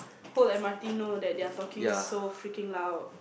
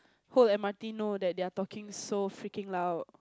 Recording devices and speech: boundary microphone, close-talking microphone, conversation in the same room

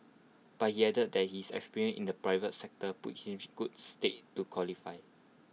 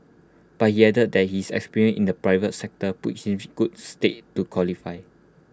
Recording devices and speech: mobile phone (iPhone 6), close-talking microphone (WH20), read sentence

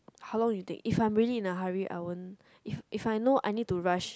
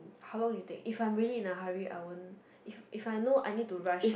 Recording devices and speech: close-talking microphone, boundary microphone, conversation in the same room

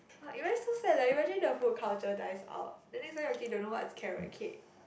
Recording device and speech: boundary microphone, conversation in the same room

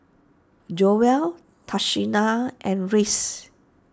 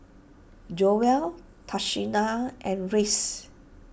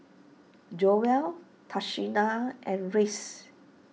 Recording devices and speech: standing microphone (AKG C214), boundary microphone (BM630), mobile phone (iPhone 6), read sentence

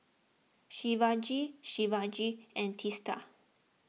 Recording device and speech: mobile phone (iPhone 6), read sentence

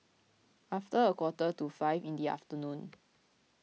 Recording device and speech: mobile phone (iPhone 6), read sentence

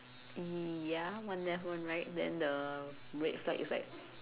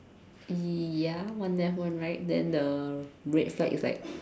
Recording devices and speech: telephone, standing microphone, conversation in separate rooms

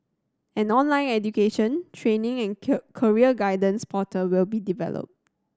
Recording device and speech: standing microphone (AKG C214), read sentence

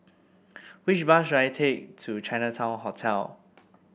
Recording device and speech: boundary microphone (BM630), read sentence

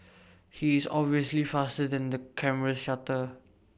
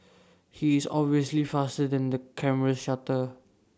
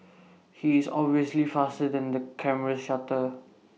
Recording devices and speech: boundary microphone (BM630), standing microphone (AKG C214), mobile phone (iPhone 6), read sentence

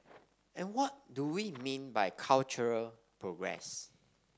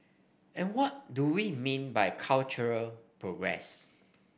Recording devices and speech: standing microphone (AKG C214), boundary microphone (BM630), read sentence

